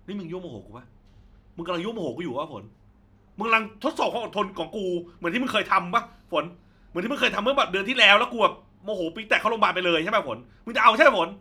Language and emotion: Thai, angry